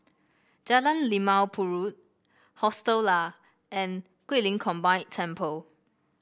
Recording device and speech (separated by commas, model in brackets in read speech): boundary microphone (BM630), read sentence